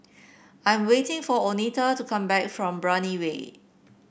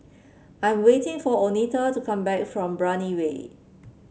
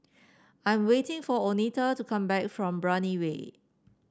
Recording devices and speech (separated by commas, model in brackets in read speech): boundary microphone (BM630), mobile phone (Samsung C7), standing microphone (AKG C214), read sentence